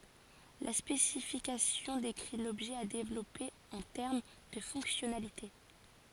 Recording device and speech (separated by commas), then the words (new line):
forehead accelerometer, read sentence
La spécification décrit l'objet à développer en termes de fonctionnalité.